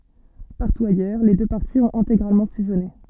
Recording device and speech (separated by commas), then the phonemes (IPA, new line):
soft in-ear microphone, read sentence
paʁtu ajœʁ le dø paʁti ɔ̃t ɛ̃teɡʁalmɑ̃ fyzjɔne